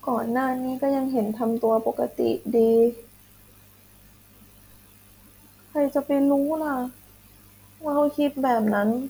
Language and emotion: Thai, sad